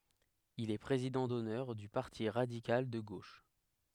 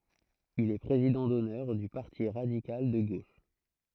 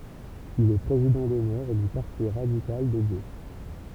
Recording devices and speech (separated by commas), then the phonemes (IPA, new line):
headset microphone, throat microphone, temple vibration pickup, read sentence
il ɛ pʁezidɑ̃ dɔnœʁ dy paʁti ʁadikal də ɡoʃ